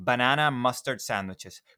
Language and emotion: English, neutral